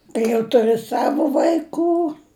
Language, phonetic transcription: Lithuanian, kai jau tuˈri ˈsavo vaiˈkų

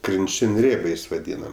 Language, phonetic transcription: Lithuanian, krinˈčin' ˈrėbiais vaˈdynam

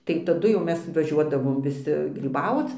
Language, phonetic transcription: Lithuanian, tai taˈdu jau ˈmes vaˈžiuodavom viˈsi gryˈbauc

